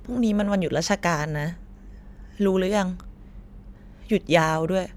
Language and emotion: Thai, sad